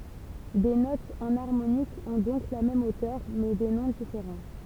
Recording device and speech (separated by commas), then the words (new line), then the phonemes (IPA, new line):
temple vibration pickup, read sentence
Des notes enharmoniques ont donc la même hauteur, mais des noms différents.
de notz ɑ̃naʁmonikz ɔ̃ dɔ̃k la mɛm otœʁ mɛ de nɔ̃ difeʁɑ̃